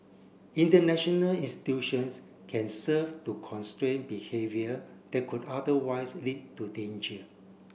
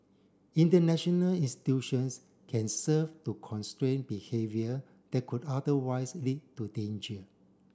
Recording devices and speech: boundary microphone (BM630), standing microphone (AKG C214), read sentence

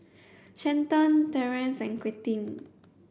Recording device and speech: boundary microphone (BM630), read sentence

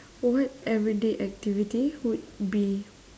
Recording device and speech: standing microphone, conversation in separate rooms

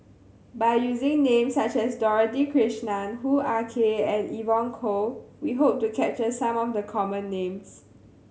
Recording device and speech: mobile phone (Samsung C7100), read sentence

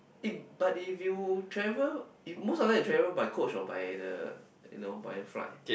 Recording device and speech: boundary microphone, conversation in the same room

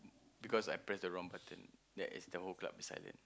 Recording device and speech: close-talking microphone, conversation in the same room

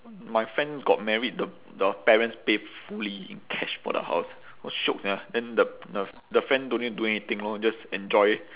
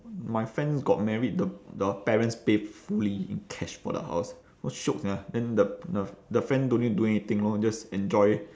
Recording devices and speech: telephone, standing microphone, conversation in separate rooms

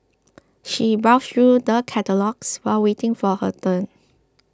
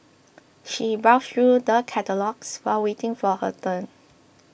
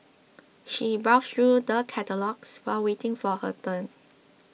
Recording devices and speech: close-talking microphone (WH20), boundary microphone (BM630), mobile phone (iPhone 6), read sentence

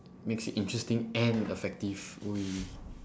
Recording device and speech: standing microphone, conversation in separate rooms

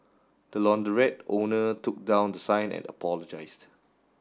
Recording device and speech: standing microphone (AKG C214), read sentence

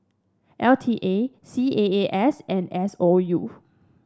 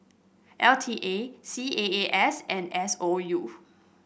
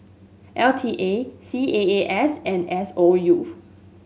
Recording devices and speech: standing microphone (AKG C214), boundary microphone (BM630), mobile phone (Samsung S8), read sentence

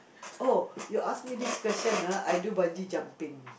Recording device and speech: boundary microphone, conversation in the same room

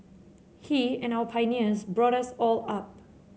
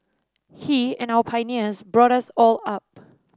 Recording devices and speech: mobile phone (Samsung C7), standing microphone (AKG C214), read sentence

